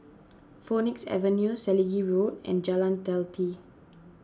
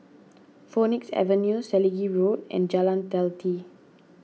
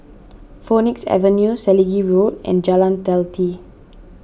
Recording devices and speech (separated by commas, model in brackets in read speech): standing microphone (AKG C214), mobile phone (iPhone 6), boundary microphone (BM630), read sentence